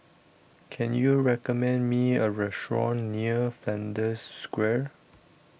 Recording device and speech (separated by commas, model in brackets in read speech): boundary microphone (BM630), read sentence